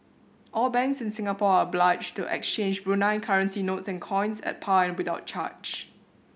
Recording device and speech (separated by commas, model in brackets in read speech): boundary microphone (BM630), read sentence